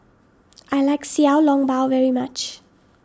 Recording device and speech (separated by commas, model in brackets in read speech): standing microphone (AKG C214), read sentence